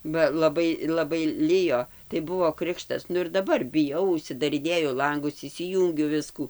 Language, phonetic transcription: Lithuanian, ba laˈbai laˈbai ˈlijo tai ˈbuvo ˈkrikštas ˈnu ir daˈbar biˈjau užsidariˈnėju ˈlangus išsiˈjūngiu ˈviskų

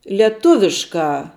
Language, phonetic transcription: Lithuanian, lieˈtuviškā

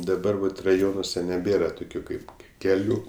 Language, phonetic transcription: Lithuanian, daˈbar vat raˈjonuose neˈbėra toˈkių ˈkaip keˈlių

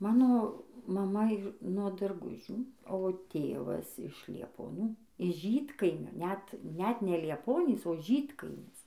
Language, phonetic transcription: Lithuanian, ˈmano maˈma ˈyr nuo darˈgužių o ˈtėvas iš liepoˈnių iš ˈžydkaimio net ˈnet ne lieˈponys o ˈžydkaimis

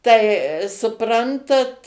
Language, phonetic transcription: Lithuanian, tai suˈprantat

